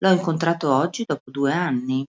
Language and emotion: Italian, neutral